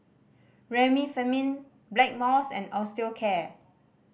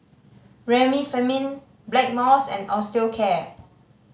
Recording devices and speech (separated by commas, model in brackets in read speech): boundary microphone (BM630), mobile phone (Samsung C5010), read sentence